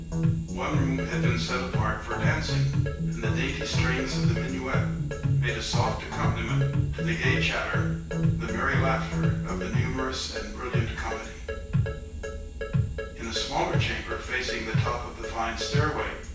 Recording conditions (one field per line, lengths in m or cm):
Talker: one person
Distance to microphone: 9.8 m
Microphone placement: far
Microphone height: 1.8 m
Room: large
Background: music